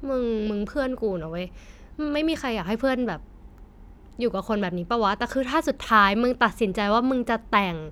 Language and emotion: Thai, frustrated